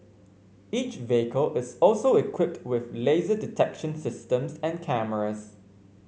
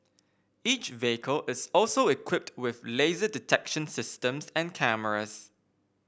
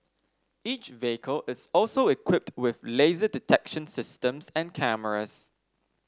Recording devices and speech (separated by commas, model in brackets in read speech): mobile phone (Samsung C5), boundary microphone (BM630), standing microphone (AKG C214), read sentence